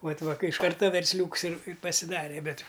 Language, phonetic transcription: Lithuanian, ˈvat ˈva ˈkai iš ˈkarta versˈliūks ir ir pasiˈdare ˈbet

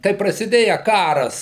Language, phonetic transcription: Lithuanian, kai prasiˈdėja ˈkaras

